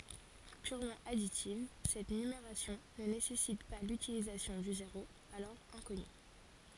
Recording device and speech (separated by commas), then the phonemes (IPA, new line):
forehead accelerometer, read sentence
pyʁmɑ̃ aditiv sɛt nymeʁasjɔ̃ nə nesɛsit pa lytilizasjɔ̃ dy zeʁo alɔʁ ɛ̃kɔny